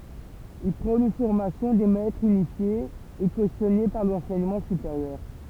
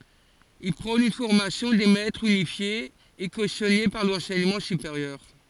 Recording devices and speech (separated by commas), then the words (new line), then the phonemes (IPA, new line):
temple vibration pickup, forehead accelerometer, read sentence
Il prône une formation des maîtres unifiée et cautionnée par l'enseignement supérieur.
il pʁɔ̃n yn fɔʁmasjɔ̃ de mɛtʁz ynifje e kosjɔne paʁ lɑ̃sɛɲəmɑ̃ sypeʁjœʁ